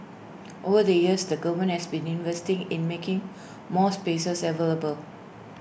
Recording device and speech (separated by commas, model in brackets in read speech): boundary microphone (BM630), read sentence